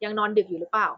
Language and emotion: Thai, neutral